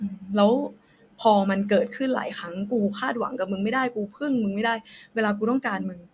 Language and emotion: Thai, sad